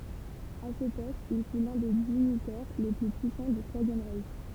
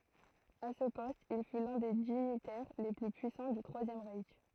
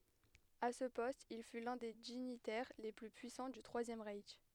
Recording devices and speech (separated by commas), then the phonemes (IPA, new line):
temple vibration pickup, throat microphone, headset microphone, read sentence
a sə pɔst il fy lœ̃ de diɲitɛʁ le ply pyisɑ̃ dy tʁwazjɛm ʁɛʃ